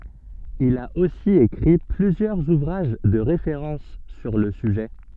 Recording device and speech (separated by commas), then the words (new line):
soft in-ear microphone, read sentence
Il a aussi écrit plusieurs ouvrages de référence sur le sujet.